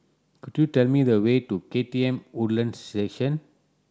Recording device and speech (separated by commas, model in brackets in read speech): standing microphone (AKG C214), read sentence